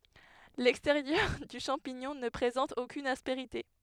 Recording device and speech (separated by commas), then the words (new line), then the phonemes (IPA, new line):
headset microphone, read sentence
L'extérieur du champignon ne présente aucune aspérité.
lɛksteʁjœʁ dy ʃɑ̃piɲɔ̃ nə pʁezɑ̃t okyn aspeʁite